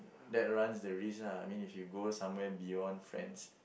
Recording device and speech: boundary microphone, conversation in the same room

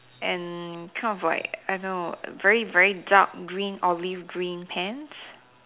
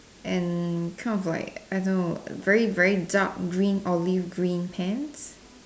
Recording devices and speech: telephone, standing microphone, conversation in separate rooms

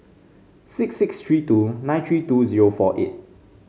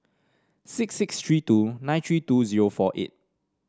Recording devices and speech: mobile phone (Samsung C5), standing microphone (AKG C214), read sentence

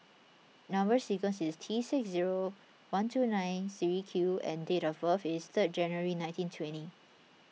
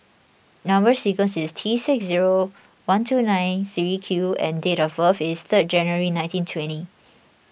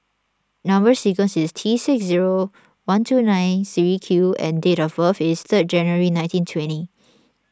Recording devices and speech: mobile phone (iPhone 6), boundary microphone (BM630), standing microphone (AKG C214), read sentence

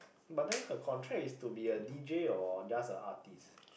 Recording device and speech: boundary microphone, conversation in the same room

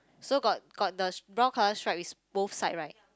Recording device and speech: close-talking microphone, conversation in the same room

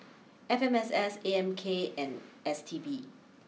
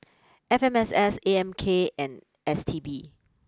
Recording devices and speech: mobile phone (iPhone 6), close-talking microphone (WH20), read sentence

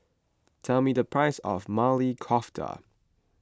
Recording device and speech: close-talking microphone (WH20), read sentence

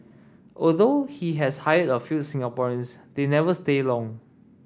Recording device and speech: standing microphone (AKG C214), read sentence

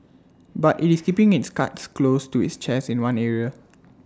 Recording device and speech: standing microphone (AKG C214), read sentence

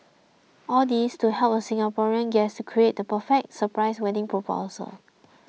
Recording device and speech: mobile phone (iPhone 6), read sentence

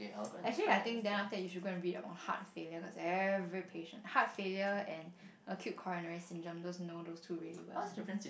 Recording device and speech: boundary microphone, conversation in the same room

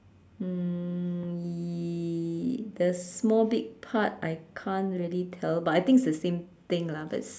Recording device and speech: standing microphone, conversation in separate rooms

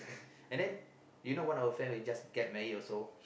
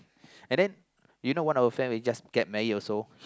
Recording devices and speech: boundary microphone, close-talking microphone, conversation in the same room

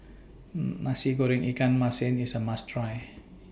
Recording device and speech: boundary microphone (BM630), read sentence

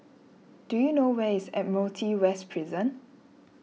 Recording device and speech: mobile phone (iPhone 6), read sentence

